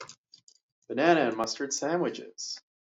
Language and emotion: English, fearful